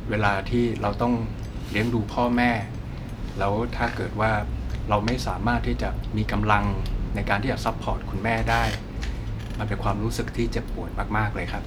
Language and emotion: Thai, frustrated